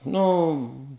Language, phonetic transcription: Lithuanian, ˈnu

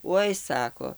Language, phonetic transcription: Lithuanian, ˈoi ˈsako

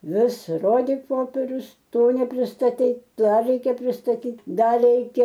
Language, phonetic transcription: Lithuanian, ˈvis ˈrodik ˈpoperius ˈto nepristaˈtei ˈdar ˈreikia pristaˈtyt' ˈdar ˈreikia

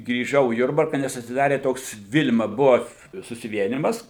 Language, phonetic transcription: Lithuanian, grįˈžau į ˈjurbarka nes atsiˈdarė ˈtoks ˈvil'ma ˈbua susiˈvienimas

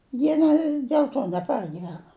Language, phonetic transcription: Lithuanian, ˈjie ne dėl ˈto neˈpargivena

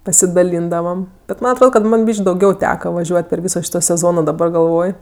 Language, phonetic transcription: Lithuanian, pasidaˈlyndavam bet ˈman atˈrod kad ˈman ˈbyš'k' dauˈgiau ˈteka vaˈžiuot' per ˈvyso ˈšyto seˈzono daˈbar galˈvoj

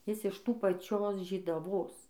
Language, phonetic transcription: Lithuanian, ˈjis iš ˈtų paˈčios žydaˈvos

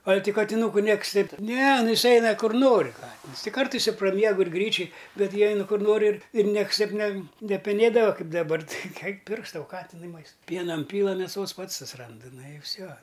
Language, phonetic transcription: Lithuanian, al' ti katiˈnūku ˈnieksˈteip ˈne ˈnu ˈis ˈeina ˈkur ˈnori ˈkatins ti ˈkartais i praˈmiegu ir ˈgryčiuj ˈbet ˈjie ˈeinu ˈkur ˈnori ir ir ˈnieks ˈteip ˈne nepeˈnėdava ˈkaip daˈbar ti eik eik ˈpirks ˈtau ˈkatinui ˈmaist ˈpiena ˈinpyla mėˈsos ˈpats susiˈrandɨ ˈnu i ˈfsio

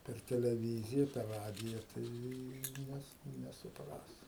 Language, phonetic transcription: Lithuanian, per teleˈvyzija per ˈradija ˈtai ˈnes nesuˈpras

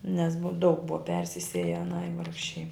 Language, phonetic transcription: Lithuanian, nes bu daug ˈbuva ˈpersisėje aˈnai ˈvargšei

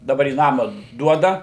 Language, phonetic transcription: Lithuanian, daˈbar į ˈnama ˈduoda

